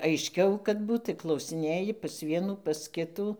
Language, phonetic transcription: Lithuanian, aišˈkiau kad ˈbūt tai klausiˈnėji pas ˈvienų pas ˈkitų

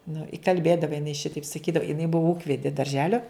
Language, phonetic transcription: Lithuanian, nu i kalˈbėdavo jiˈnai ˈšitaip saˈkydavo jiˈnai ˈbuvo ˈūkvedi darˈželio

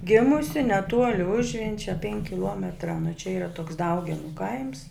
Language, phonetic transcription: Lithuanian, ˈgėmusi neˈtuoli ˈužvenčia penk' kiˈluometra nu čia yˈra toks ˈdaugenu kaims

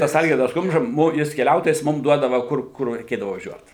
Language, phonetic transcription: Lithuanian, ˈtas ˈalgirdas ˈkumža ˈmum ˈjis keˈliautojas ˈmum ˈduodava ˈkur ˈkur reiˈkėdavu vaˈžiuot

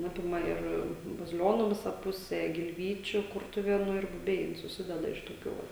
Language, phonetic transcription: Lithuanian, ˈapima ir baziˈlionu ˈvisa ˈpuse gilˈvyčiu ˈkurtuvėnu ir buˈbiai suˈsideda iš toˈkių ˈva

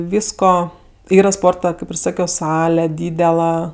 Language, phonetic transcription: Lithuanian, ˈvysko ˈyra ˈsporta ˈkaip ir ˈsakio ˈsale ˈdydela

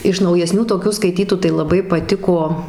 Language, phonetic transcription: Lithuanian, iš naujeˈsnių toˈkių skaiˈtytų tai laˈbai paˈtiko

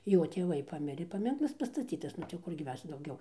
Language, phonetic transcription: Lithuanian, ˈjo tėˈvai ˈpamirė paˈminklas pastaˈcytas ˈnu tai jau ˈkurgi ˈmes dauˈgiau

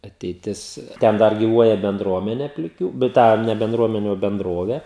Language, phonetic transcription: Lithuanian, ateiˈtis ˈten ˈdar giˈvuoja benˈdruomenė pliˈkių bet ˈtą ne benˈdruomeni o benˈdrovė

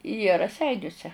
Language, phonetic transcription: Lithuanian, jie raˈseiniuse

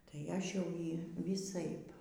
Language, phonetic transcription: Lithuanian, tai ˈaš jau ˈjį vyˈsaip

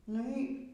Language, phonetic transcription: Lithuanian, ˈnu y

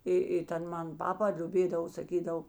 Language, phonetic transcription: Lithuanian, ˈi i ˈten ˈman ˈpapa liuˈbėdavo saˈkydav

